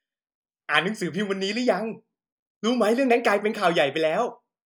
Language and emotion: Thai, happy